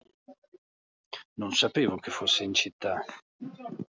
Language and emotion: Italian, angry